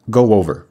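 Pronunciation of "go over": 'Go over' is said with the intrusive pronunciation, linking 'go' and 'over'.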